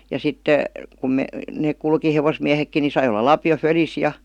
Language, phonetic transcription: Finnish, ja 'sitte , kum- , neek 'kulki 'hevosmiähekki ni 'sai ol̆la "lapi₍o 'fölis "ja .
- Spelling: ja sitten - ne kulki hevosmiehetkin niin sai olla lapio fölissä ja

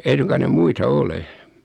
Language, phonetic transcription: Finnish, 'ei suŋkan 'ne 'muita "ole .
- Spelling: ei suinkaan ne muita ole

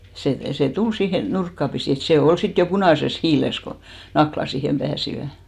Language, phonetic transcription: Finnish, sè , sè 'tul siihe , 'nurkka pisì et se "ol 'sit jo 'punàses "hiiles ko , 'Nakla siihem ʙääsivä .
- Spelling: se se tuli siihen nurkkaa pisin että se oli sitten jo punaisessa hiilessä kun Nakkilat siihen pääsivät

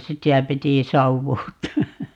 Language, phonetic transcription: Finnish, "sitä 'piti 'sauwuutta(a) .
- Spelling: sitä piti savuuttaa

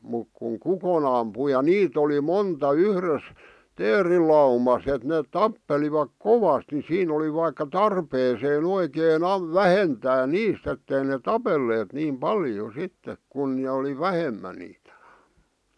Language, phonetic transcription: Finnish, muk kuŋ "kukon ‿ampu ja "niit ‿oli "monta "yhres , "teerilaumas ‿et neet 'tappelivak "kovast ni 'siin ‿oli vaikka "tarpeeseen ‿oikee'n ‿am- , "vähentää "niist ‿ettei ne "tapelleet niim "paljo "sittek kun nᵉ oli "vähemä niitᴀ̈ .
- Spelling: mutta kun kukon ampui ja niitä oli monta yhdessä teerilaumassa että ne tappelivat kovasti niin siinä oli vaikka tarpeeseen oikein - vähentää niistä että ei ne tapelleet niin paljon sitten kun ne oli vähemmän niitä

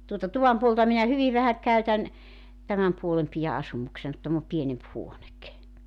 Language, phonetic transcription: Finnish, tuota 'tuvam puolta minä 'hyviv vähä k̀äytän , 'tämäm 'puolem pijä 'asumuksen kᵘ 'täm ‿o 'pienemp "huonek .
- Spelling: tuota tuvan puolta minä hyvin vähän käytän tämän puolen pidän asumuksena kun tämä on pienempi huone

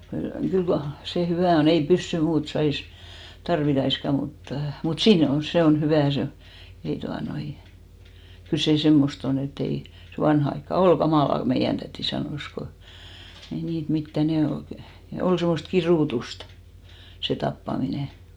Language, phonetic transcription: Finnish, kyl , kyl (kai) 'se "hyvä̀ on , ei 'pyssy "muut 'sais , 'tarvitaiska 'muttᴀ , mut "sii'n ‿o , 'se on "hyvä̀ , 'se o , 'ei tuanoin , 'kyl sè "semmos't ‿on ‿e't ‿ei , se 'vanha aikka "ol ɢa'màla ko 'meijän tätì 'sanòs ko , 'ei niit 'mittä , 'ne ol kⁱ- , ne 'ol semmost "kirùtustᴀ , se 'tappamine .
- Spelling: kyllä kyllä kai se hyvä on ei pyssy muuta saisi tarvittaisikaan mutta mutta siinä on se on hyvä se on ei tuota noin kyllä se semmoista on että ei se vanhaan aikaan oli kamalaa kun meidän täti sanoi kun ei niitä mitään ne oli - ne oli semmoista kidutusta se tappaminen

